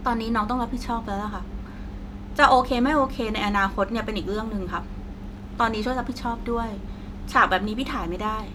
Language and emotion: Thai, frustrated